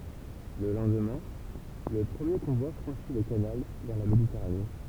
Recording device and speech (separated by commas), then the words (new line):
temple vibration pickup, read sentence
Le lendemain, le premier convoi franchit le canal vers la Méditerranée.